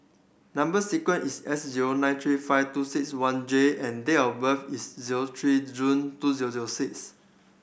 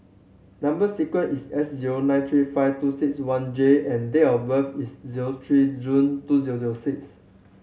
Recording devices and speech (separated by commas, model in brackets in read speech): boundary microphone (BM630), mobile phone (Samsung C7100), read sentence